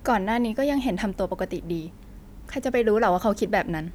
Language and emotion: Thai, frustrated